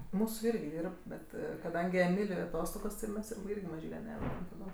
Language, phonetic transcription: Lithuanian, ˈmūsų ˈirgi ˈdyrb ˈbet kaˈdangi eˈmiliui aˈtostogos ti ˈmes ˈirgi maˈžyle ˈnevedam taˈdom

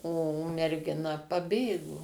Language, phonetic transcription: Lithuanian, o mergiˈna paˈbėgo

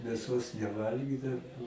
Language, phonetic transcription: Lithuanian, mėˈsos neˈvalgydau

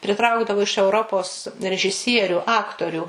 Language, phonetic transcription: Lithuanian, priˈtraukdavu iš euˈropos režiˈsieriu ˈaktoriu

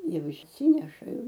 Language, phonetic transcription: Lithuanian, ˈjau išˈsyneša ˈjau

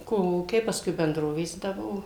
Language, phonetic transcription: Lithuanian, ˈkolūkiai paˈskui benˈdrovės ˈda ˈbuo

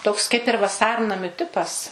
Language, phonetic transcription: Lithuanian, ˈtoks kaip ir vaˈsarnamiu ˈtipas

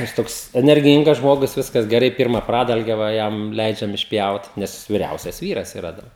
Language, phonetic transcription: Lithuanian, jis ˈtoks enerˈgyngas ˈžmogus ˈviskas geˈrai ˈpyrma ˈpradalge va ˈjam ˈleidžiam išˈpjaut ˈnes viˈriausias ˈvyras iˈra dar

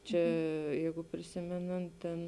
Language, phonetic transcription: Lithuanian, ˈčia ˈjeigu priˈsimenant ten

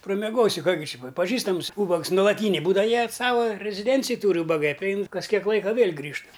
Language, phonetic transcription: Lithuanian, prameˈgosi ˈką gi ˈčia pa paˈžįstams ˈūbags nulaˈtynė ˈbūdava ˈjie ˈsava reziˈdencij ˈtūri ūbaˈgai priˈein kas ˈkiek ˈlaika ˈvėl' ˈgrįžt

